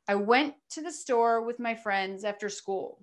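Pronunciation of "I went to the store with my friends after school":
The sentence is said in natural groups of words, with small pauses or breaks between the groups.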